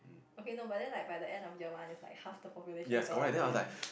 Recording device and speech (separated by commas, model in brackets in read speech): boundary microphone, conversation in the same room